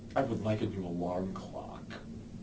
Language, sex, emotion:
English
male
disgusted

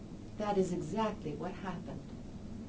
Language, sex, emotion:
English
female
neutral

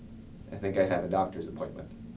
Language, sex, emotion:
English
male
neutral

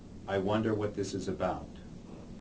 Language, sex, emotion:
English
male
neutral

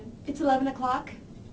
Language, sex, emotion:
English
female
neutral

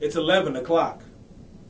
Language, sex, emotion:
English
male
angry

